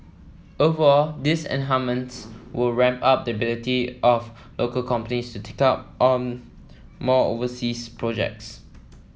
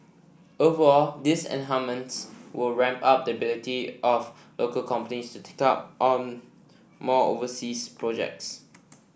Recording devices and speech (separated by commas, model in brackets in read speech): mobile phone (iPhone 7), boundary microphone (BM630), read sentence